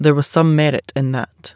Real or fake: real